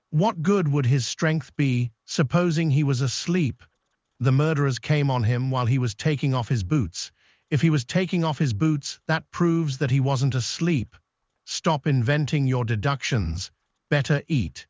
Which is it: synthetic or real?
synthetic